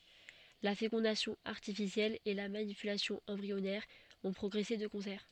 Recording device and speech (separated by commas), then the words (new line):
soft in-ear microphone, read sentence
La fécondation artificielle et la manipulation embryonnaire ont progressé de concert.